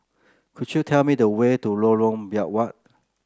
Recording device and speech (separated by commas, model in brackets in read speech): close-talking microphone (WH30), read sentence